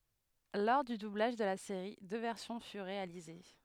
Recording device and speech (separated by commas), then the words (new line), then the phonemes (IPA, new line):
headset microphone, read sentence
Lors du doublage de la série, deux versions furent réalisées.
lɔʁ dy dublaʒ də la seʁi dø vɛʁsjɔ̃ fyʁ ʁealize